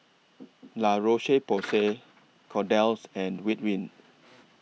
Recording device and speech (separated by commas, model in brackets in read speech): mobile phone (iPhone 6), read sentence